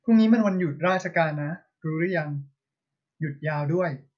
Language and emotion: Thai, neutral